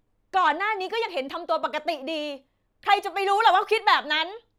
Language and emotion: Thai, angry